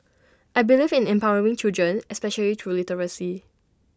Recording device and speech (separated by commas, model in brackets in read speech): standing microphone (AKG C214), read sentence